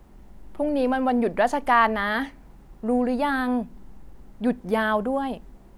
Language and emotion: Thai, frustrated